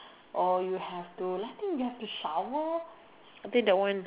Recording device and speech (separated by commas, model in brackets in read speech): telephone, conversation in separate rooms